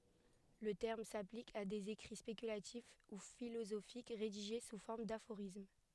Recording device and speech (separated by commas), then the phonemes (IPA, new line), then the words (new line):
headset microphone, read sentence
lə tɛʁm saplik a dez ekʁi spekylatif u filozofik ʁediʒe su fɔʁm dafoʁism
Le terme s'applique à des écrits spéculatifs ou philosophiques rédigés sous forme d'aphorismes.